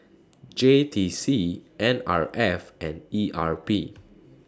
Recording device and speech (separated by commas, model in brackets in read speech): standing microphone (AKG C214), read sentence